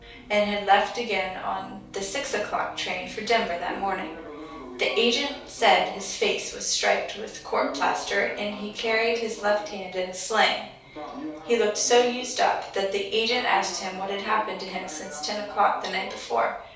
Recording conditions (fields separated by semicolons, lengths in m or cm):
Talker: one person; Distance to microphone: 3.0 m; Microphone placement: far; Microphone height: 1.8 m; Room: small (3.7 m by 2.7 m); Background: television